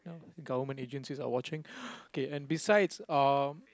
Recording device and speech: close-talking microphone, conversation in the same room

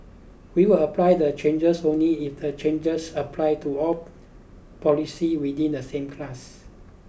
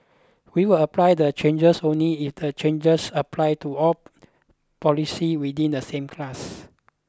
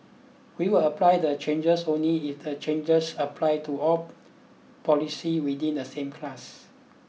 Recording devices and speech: boundary microphone (BM630), close-talking microphone (WH20), mobile phone (iPhone 6), read sentence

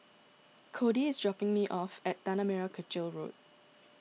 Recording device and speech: mobile phone (iPhone 6), read sentence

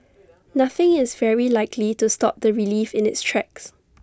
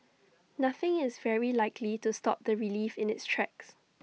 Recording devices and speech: standing microphone (AKG C214), mobile phone (iPhone 6), read sentence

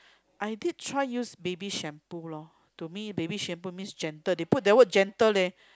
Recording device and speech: close-talking microphone, conversation in the same room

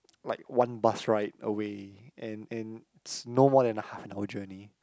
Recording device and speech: close-talking microphone, conversation in the same room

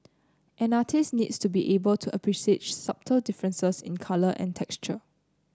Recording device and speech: close-talking microphone (WH30), read sentence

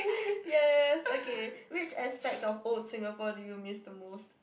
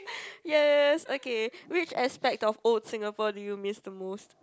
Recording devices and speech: boundary microphone, close-talking microphone, conversation in the same room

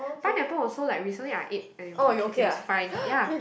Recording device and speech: boundary microphone, conversation in the same room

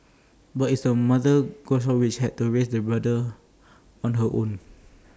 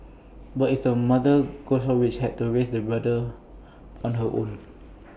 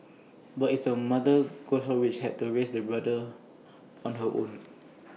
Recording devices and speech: standing microphone (AKG C214), boundary microphone (BM630), mobile phone (iPhone 6), read sentence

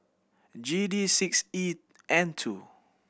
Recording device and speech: boundary microphone (BM630), read sentence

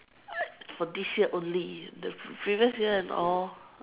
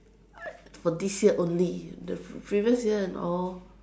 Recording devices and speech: telephone, standing microphone, conversation in separate rooms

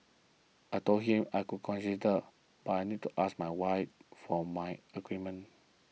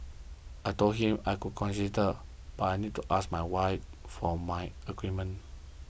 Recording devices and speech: mobile phone (iPhone 6), boundary microphone (BM630), read sentence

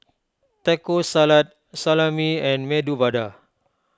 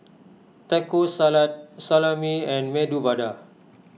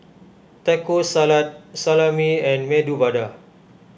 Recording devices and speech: close-talking microphone (WH20), mobile phone (iPhone 6), boundary microphone (BM630), read sentence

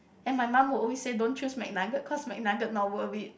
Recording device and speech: boundary microphone, conversation in the same room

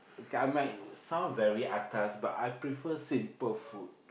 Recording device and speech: boundary microphone, conversation in the same room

